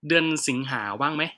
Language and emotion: Thai, neutral